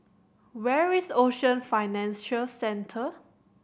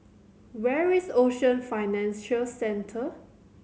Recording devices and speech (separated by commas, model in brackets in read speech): boundary microphone (BM630), mobile phone (Samsung C7100), read sentence